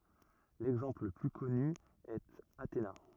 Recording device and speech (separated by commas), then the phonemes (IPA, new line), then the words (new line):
rigid in-ear microphone, read sentence
lɛɡzɑ̃pl lə ply kɔny ɛt atena
L'exemple le plus connu est Athéna.